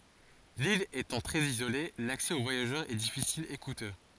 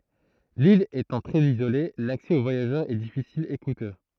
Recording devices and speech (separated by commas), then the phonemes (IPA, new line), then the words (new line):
forehead accelerometer, throat microphone, read sentence
lil etɑ̃ tʁɛz izole laksɛ o vwajaʒœʁz ɛ difisil e kutø
L'ile étant très isolée, l'accès aux voyageurs est difficile, et coûteux.